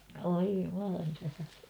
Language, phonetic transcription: Finnish, voi 'jumalan tähäre .
- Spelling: voi Jumalan tähden

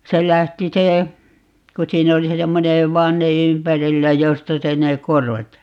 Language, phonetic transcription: Finnish, 'se 'lähti 'se , ku 'siin ‿oli se 'semmone , "vanne 'ympärillä 'josta 'se ne "korvat .
- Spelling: se lähti se kun siinä oli se semmoinen vanne ympärillä josta se ne korvat

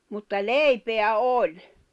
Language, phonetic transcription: Finnish, mutta "lèipeä "oĺ .
- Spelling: mutta leipää oli

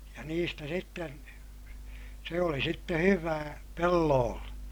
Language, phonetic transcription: Finnish, ja niistä sitten , se oli sitte hyvää , pelloolle .
- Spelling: ja niistä sitten se oli sitten hyvää pelloille

